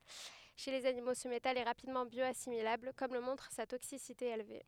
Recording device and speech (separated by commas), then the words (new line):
headset microphone, read sentence
Chez les animaux, ce métal est rapidement bioassimilable, comme le montre sa toxicité élevée.